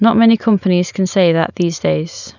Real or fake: real